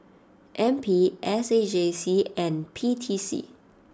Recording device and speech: standing microphone (AKG C214), read sentence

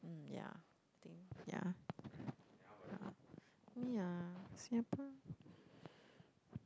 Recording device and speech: close-talking microphone, conversation in the same room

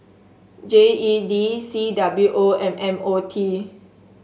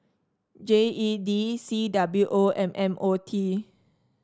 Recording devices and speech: mobile phone (Samsung S8), standing microphone (AKG C214), read sentence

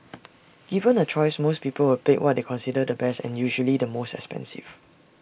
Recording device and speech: boundary microphone (BM630), read sentence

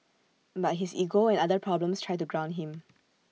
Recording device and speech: mobile phone (iPhone 6), read sentence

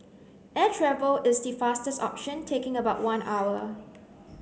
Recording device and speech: mobile phone (Samsung C9), read sentence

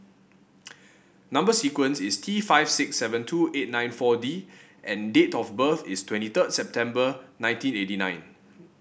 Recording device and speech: boundary microphone (BM630), read sentence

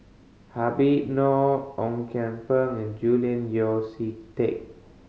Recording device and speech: mobile phone (Samsung C5010), read sentence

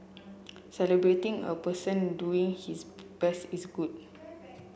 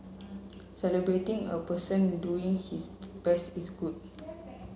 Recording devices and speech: boundary microphone (BM630), mobile phone (Samsung C7), read sentence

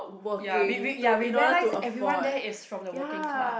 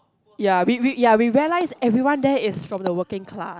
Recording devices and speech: boundary microphone, close-talking microphone, conversation in the same room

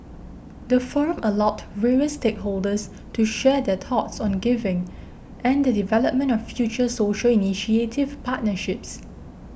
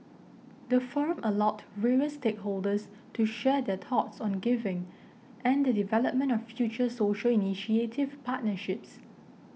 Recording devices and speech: boundary microphone (BM630), mobile phone (iPhone 6), read sentence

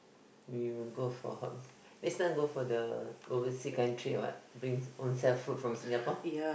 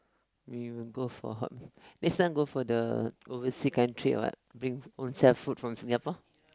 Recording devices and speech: boundary microphone, close-talking microphone, conversation in the same room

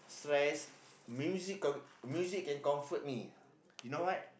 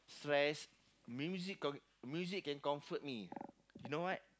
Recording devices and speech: boundary microphone, close-talking microphone, conversation in the same room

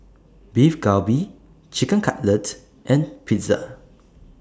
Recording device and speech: standing microphone (AKG C214), read sentence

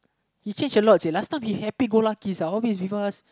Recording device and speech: close-talking microphone, conversation in the same room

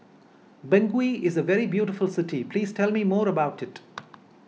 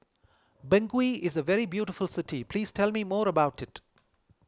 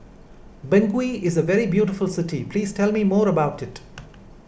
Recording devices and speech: mobile phone (iPhone 6), close-talking microphone (WH20), boundary microphone (BM630), read sentence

